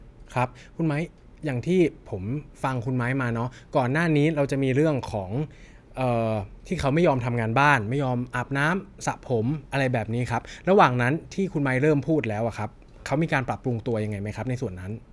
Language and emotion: Thai, neutral